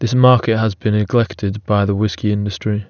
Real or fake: real